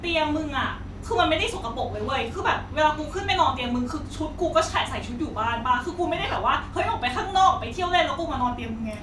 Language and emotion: Thai, frustrated